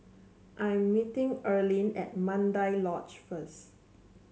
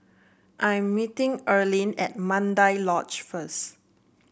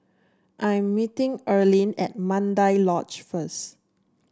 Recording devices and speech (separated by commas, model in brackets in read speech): mobile phone (Samsung C7), boundary microphone (BM630), standing microphone (AKG C214), read sentence